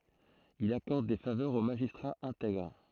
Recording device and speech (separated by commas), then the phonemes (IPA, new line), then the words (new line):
throat microphone, read sentence
il akɔʁd de favœʁz o maʒistʁaz ɛ̃tɛɡʁ
Il accorde des faveurs aux magistrats intègres.